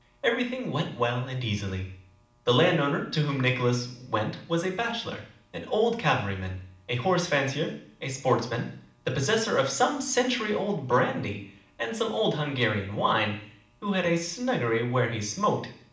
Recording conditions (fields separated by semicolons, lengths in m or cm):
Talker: one person; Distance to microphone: 2.0 m; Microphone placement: close; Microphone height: 99 cm; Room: medium-sized (5.7 m by 4.0 m); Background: none